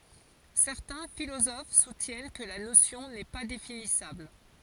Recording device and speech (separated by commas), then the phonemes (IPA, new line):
forehead accelerometer, read sentence
sɛʁtɛ̃ filozof sutjɛn kə la nosjɔ̃ nɛ pa definisabl